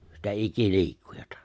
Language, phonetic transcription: Finnish, sitä 'iki'li̬ikkujᴀtᴀ .
- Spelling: sitä ikiliikkujaa

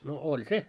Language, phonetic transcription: Finnish, no 'oĺ "se .
- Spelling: no oli se

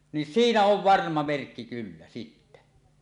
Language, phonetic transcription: Finnish, nin "siinä ov "varma 'merkki kyllä sittä .
- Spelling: niin siinä on varma merkki kyllä sitten

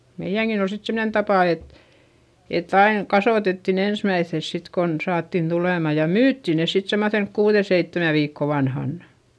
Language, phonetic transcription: Finnish, meiʲäŋkin ‿ol sit semnen tapà et , ett ‿aiŋ kasòtettin ‿ensmäiϑϑes sit kon , saattin tulèma ja myytti ne sit semmoϑenk kuuδe seittemä viikko vanhannA .
- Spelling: meidänkin oli sitten semmoinen tapa että että aina kasvatettiin ensimmäiseksi sitten kun saatiin tulemaan ja myytiin ne sitten semmoisen kuuden seitsemän viikon vanhana

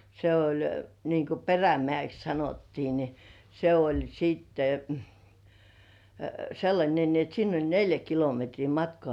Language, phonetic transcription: Finnish, se oĺ niŋku "Perämĕä̀ks 'sanottii ni , se oĺ 'siitte , 'sellańe ni ‿et 'sinn ‿oĺ 'neljä kilometrii "matkŏà .
- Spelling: se oli niin kuin Perämäeksi sanottiin niin se oli sitten sellainen niin että sinne oli neljä kilometriä matkaa

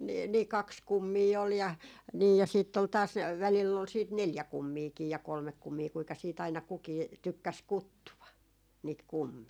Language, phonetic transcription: Finnish, nii , nii "kaks 'kummii ol ja , 'nii ja siitt ‿ol taas , 'välill ‿ol siit "neljä 'kummiikii ja 'kolmek kummii kuika siit aina kukii , 'tykkäs "kuttuva , niit "kummii .
- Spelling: niin niin kaksi kummia oli ja niin ja sitten oli taas välillä oli sitten neljä kummiakin ja kolme kummia kuinka sitten aina kukin tykkäsi kutsua niitä kummeja

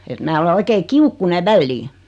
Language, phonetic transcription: Finnish, et 'mää ole 'oikee "kiukkuneᵛ 'vällii .
- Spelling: että minä olen oikein kiukkuinen väliin

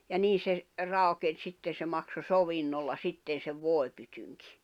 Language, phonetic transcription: Finnish, ja 'nii se , 'ràu̬ken sitten̬ se makso 'sovinnolla 'sitten̬ sev 'vòepytyŋkɪ .
- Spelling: ja niin se raukeni sitten se maksoi sovinnolla sitten sen voipytynkin

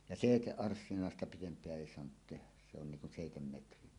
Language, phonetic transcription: Finnish, ja "sèiteˀ'ˀarssinàesta 'pitemp̀eä èi soanut 'tehäˢ se ‿on niŋ kun "sèitemmetrinen .
- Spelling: ja seitsemänarssinaista pidempää ei saanut tehdä se on niin kuin seitsemänmetrinen

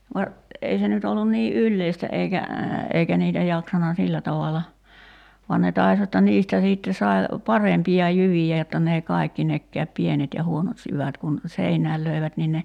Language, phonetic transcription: Finnish, va , 'ei se nyt ‿ollun nii "’ylleistä eikä , 'eikä niitä 'jaksana "sillä tavala , vuan ne 'tais jotta 'niistä 'siitte sai̬ , "parempi₍a 'jyvijä jotta n ‿èi 'kàikki nekkääp 'pienet ja 'huonot jyvät kun , 'seinääl löi̬vät nin ne ,.
- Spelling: vaan ei se nyt ollut niin yleistä eikä eikä niitä jaksanut sillä tavalla vaan ne taisi jotta niistä sitten sai parempia jyviä jotta ne ei kaikki nekään pienet ja huonot jyvät kun seinään löivät niin ne

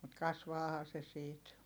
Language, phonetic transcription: Finnish, mut kasvaahaa se siit .
- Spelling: mutta kasvaahan se siitä

